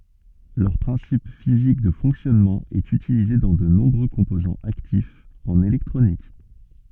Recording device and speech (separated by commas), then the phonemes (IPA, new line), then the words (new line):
soft in-ear microphone, read sentence
lœʁ pʁɛ̃sip fizik də fɔ̃ksjɔnmɑ̃ ɛt ytilize dɑ̃ də nɔ̃bʁø kɔ̃pozɑ̃z aktifz ɑ̃n elɛktʁonik
Leur principe physique de fonctionnement est utilisé dans de nombreux composants actifs en électronique.